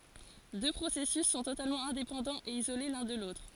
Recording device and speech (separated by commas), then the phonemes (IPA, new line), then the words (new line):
forehead accelerometer, read sentence
dø pʁosɛsys sɔ̃ totalmɑ̃ ɛ̃depɑ̃dɑ̃z e izole lœ̃ də lotʁ
Deux processus sont totalement indépendants et isolés l'un de l'autre.